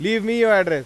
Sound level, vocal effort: 102 dB SPL, very loud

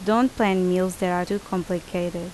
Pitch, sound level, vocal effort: 185 Hz, 81 dB SPL, loud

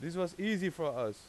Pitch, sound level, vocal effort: 180 Hz, 93 dB SPL, loud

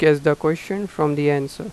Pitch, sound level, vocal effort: 155 Hz, 88 dB SPL, normal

